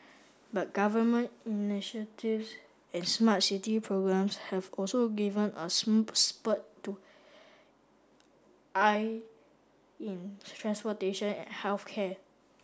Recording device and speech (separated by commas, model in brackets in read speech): standing microphone (AKG C214), read sentence